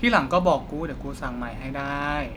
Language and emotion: Thai, frustrated